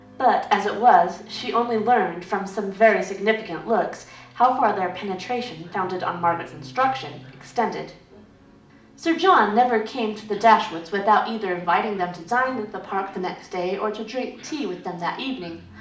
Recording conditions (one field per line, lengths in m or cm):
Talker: one person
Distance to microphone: 2.0 m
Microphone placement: close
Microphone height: 99 cm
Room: medium-sized (5.7 m by 4.0 m)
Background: television